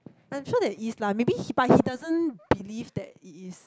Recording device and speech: close-talking microphone, conversation in the same room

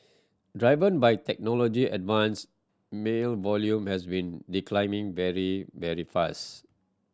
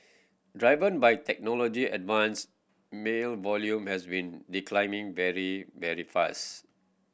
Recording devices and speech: standing microphone (AKG C214), boundary microphone (BM630), read sentence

